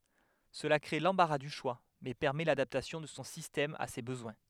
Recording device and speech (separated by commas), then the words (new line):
headset microphone, read sentence
Cela crée l'embarras du choix mais permet l'adaptation de son système à ses besoins.